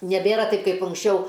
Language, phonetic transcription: Lithuanian, neˈbėra ˈtaip kaip unksˈčiau

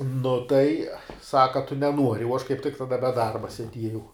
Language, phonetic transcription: Lithuanian, ˈnu tai ˈsaka a tu neˈnuori uo aš kaip tik taˈda be ˈdarba seˈdiejau

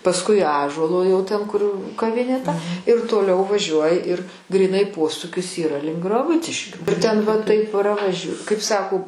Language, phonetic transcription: Lithuanian, pasˈkui ˈąžuolo jau ten kur kaˈvinė ta ir toˈliau vaˈžiuoji ir gryˈnai ˈposūkis yˈra link graˈbuciškių ir ˈten va ˈtaip pravaž' kaip ˈsako

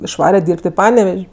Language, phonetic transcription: Lithuanian, išˈvare ˈdyrb't' i ˈpanevež'

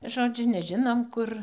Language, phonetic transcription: Lithuanian, ˈžodžiu neˈžinom ˈkur

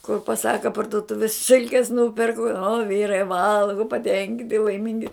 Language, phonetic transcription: Lithuanian, kur paˈsaka parduˈtuvis ˈsilkes ˈnūperku o ˈvyrai ˈvalgu paˈtenkinti laiˈmingi

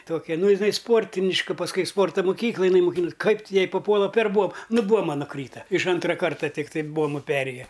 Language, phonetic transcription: Lithuanian, ˈtokia ˈnu jiˈnai ˈsportiniška pasˈkui i ˈsporto moˈkyklaj iˈnai muˈkinus ˈkaip ti ˈjai paˈpuola per ˈbuoma nu ˈbuoma nuˈkryta iš ˈantra ˈkarta ˈtiktai ˈbuomu ˈperėja

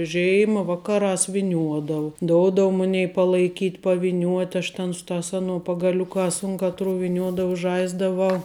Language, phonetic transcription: Lithuanian, ˈžėima ˈvakaˌrās viˈniuodavu ˈdoudavu ˈmunei palaiˈkyt paviˈniuot' aš ten ˈsu ˌtās ˈanuo pagaˈliukās un ˈkatˌru viˈniuodau ˈžaisdavau

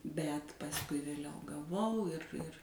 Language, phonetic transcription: Lithuanian, bet pasˈkui vėˈliau gaˈvau ˈir ir

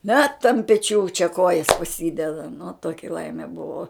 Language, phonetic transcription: Lithuanian, net ant peˈčių čia ˈkojas paˈsydeda nu ˈtoki ˈlaime ˈbuvo

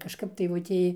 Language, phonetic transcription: Lithuanian, kažˈkap daiˈvutė

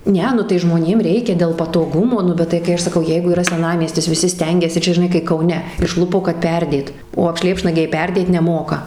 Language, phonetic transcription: Lithuanian, ˈne nu tai ˈžmonėm ˈreikia dėl patoˈgumo ˈnu ˈbet tai kai ˈaš ˈsakau ˈjeigu yˈra seˈnamiestis viˈsi ˈstengiasi ˈčia žiˈnai kai kauˈne išˈlupo kad ˈperdėt o apˈšlėpšnagiai ˈperdėt neˈmoka

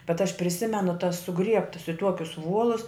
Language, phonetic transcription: Lithuanian, bet aš priˈsimenu tas suˈgriebtas i ˈtuokius ˈvuolus

